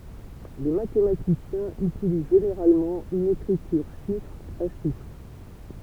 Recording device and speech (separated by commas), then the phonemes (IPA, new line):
temple vibration pickup, read sentence
le matematisjɛ̃z ytiliz ʒeneʁalmɑ̃ yn ekʁityʁ ʃifʁ a ʃifʁ